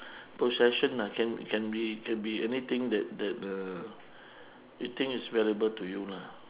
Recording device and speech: telephone, conversation in separate rooms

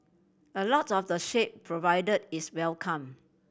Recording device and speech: boundary microphone (BM630), read sentence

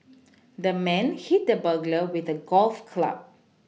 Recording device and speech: mobile phone (iPhone 6), read sentence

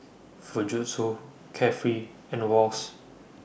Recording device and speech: boundary microphone (BM630), read sentence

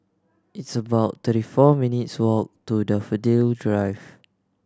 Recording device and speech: standing microphone (AKG C214), read sentence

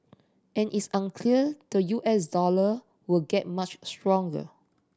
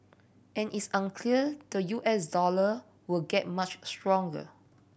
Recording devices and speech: standing microphone (AKG C214), boundary microphone (BM630), read sentence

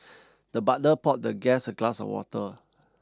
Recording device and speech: standing microphone (AKG C214), read sentence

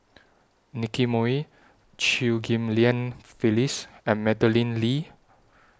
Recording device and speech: standing microphone (AKG C214), read sentence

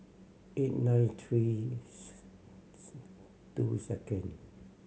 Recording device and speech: mobile phone (Samsung C7100), read sentence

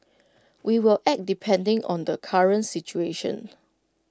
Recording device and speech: close-talking microphone (WH20), read sentence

